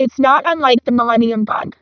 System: VC, vocoder